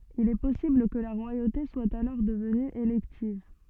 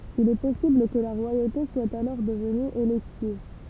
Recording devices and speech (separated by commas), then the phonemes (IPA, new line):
soft in-ear microphone, temple vibration pickup, read sentence
il ɛ pɔsibl kə la ʁwajote swa alɔʁ dəvny elɛktiv